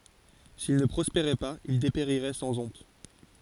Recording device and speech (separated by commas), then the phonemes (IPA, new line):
forehead accelerometer, read sentence
sil nə pʁɔspeʁɛ paz il depeʁiʁɛ sɑ̃ ɔ̃t